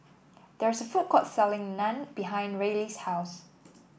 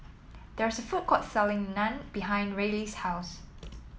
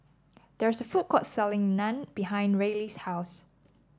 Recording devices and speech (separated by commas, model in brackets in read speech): boundary microphone (BM630), mobile phone (iPhone 7), standing microphone (AKG C214), read sentence